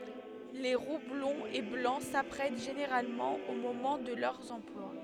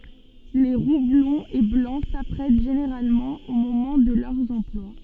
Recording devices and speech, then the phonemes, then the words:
headset microphone, soft in-ear microphone, read sentence
le ʁu blɔ̃z e blɑ̃ sapʁɛt ʒeneʁalmɑ̃ o momɑ̃ də lœʁz ɑ̃plwa
Les roux blonds et blancs s'apprêtent généralement au moment de leurs emplois.

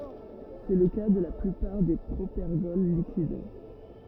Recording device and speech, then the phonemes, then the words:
rigid in-ear microphone, read sentence
sɛ lə ka də la plypaʁ de pʁopɛʁɡɔl likid
C'est le cas de la plupart des propergols liquides.

